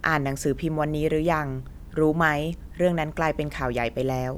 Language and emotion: Thai, neutral